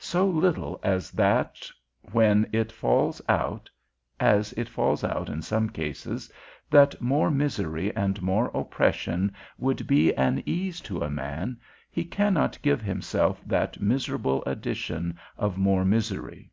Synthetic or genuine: genuine